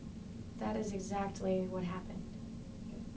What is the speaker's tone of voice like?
sad